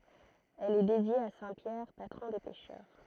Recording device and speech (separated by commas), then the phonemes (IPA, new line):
throat microphone, read sentence
ɛl ɛ dedje a sɛ̃ pjɛʁ patʁɔ̃ de pɛʃœʁ